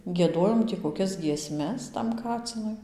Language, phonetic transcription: Lithuanian, gieˈdojom tį koˈkias gieˈsmes tam ˈkacinui

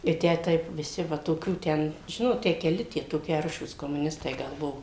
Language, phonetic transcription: Lithuanian, i ˈtę ˈtaip viˈsi ˈva toˈkių ˈten ˈžinot ˈtę keˈli toˈki ˈaršūs komuˈnistai ˈgal ˈbuvo

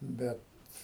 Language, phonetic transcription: Lithuanian, ˈbet

